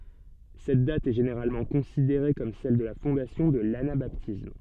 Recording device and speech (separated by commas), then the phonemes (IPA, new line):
soft in-ear microphone, read sentence
sɛt dat ɛ ʒeneʁalmɑ̃ kɔ̃sideʁe kɔm sɛl də la fɔ̃dasjɔ̃ də lanabatism